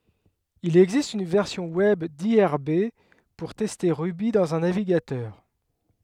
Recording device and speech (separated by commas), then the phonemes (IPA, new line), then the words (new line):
headset microphone, read sentence
il ɛɡzist yn vɛʁsjɔ̃ wɛb diʁb puʁ tɛste ʁuby dɑ̃z œ̃ naviɡatœʁ
Il existe une version web d'irb pour tester Ruby dans un navigateur.